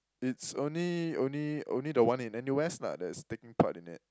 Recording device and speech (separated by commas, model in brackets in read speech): close-talking microphone, conversation in the same room